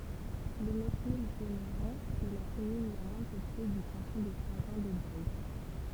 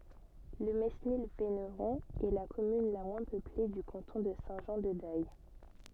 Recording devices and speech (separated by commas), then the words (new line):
temple vibration pickup, soft in-ear microphone, read sentence
Le Mesnil-Véneron est la commune la moins peuplée du canton de Saint-Jean-de-Daye.